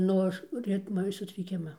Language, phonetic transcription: Lithuanian, ˈnu aš ˈritma sutriˈkima

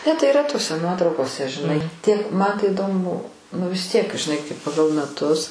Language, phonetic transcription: Lithuanian, ne tai yˈra toˈse ˈnuotraukose žiˈnai ˈtiek man tai iˈdomu ˈbuvo nu vis tiek žiˈnai kai paˈgal meˈtus

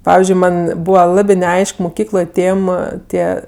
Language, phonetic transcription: Lithuanian, ˈpavizdžiui ˈma'n ˈbūva ˈlabi neˈaišk muˈkykloj ˈtėm ˈtie

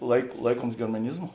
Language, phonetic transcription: Lithuanian, laik ˈlaikuoms germaˈnizmu

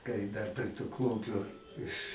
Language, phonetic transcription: Lithuanian, kai dar pre tu ˈklumpiu iš

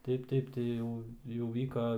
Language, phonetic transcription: Lithuanian, ˈtaip ˈtaip tai ˈjau jau ˈvyka

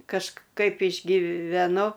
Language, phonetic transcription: Lithuanian, kažˈkaip išgyveˈnu

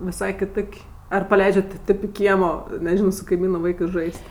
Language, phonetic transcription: Lithuanian, viˈsai kiˈtok' ar paˈleidžiat ti ˈtėp i ˈkiemo neˈžino su kaiˈmynu ˈvaikɜs ˈžais't'

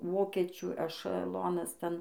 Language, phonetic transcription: Lithuanian, ˈvokiečių ešaˈlonas ˈten

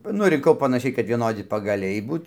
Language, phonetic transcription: Lithuanian, ˈnu rinˈkau panaˈšiai kad vieˈnodi pagaˈliai ˈbūt

